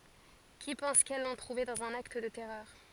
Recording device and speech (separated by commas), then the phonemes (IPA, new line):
forehead accelerometer, read sentence
ki pɑ̃s kɛl lɔ̃ tʁuve dɑ̃z œ̃n akt də tɛʁœʁ